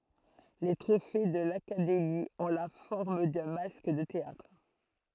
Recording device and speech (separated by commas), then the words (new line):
throat microphone, read sentence
Les trophées de l'Académie ont la forme d'un masque de théâtre.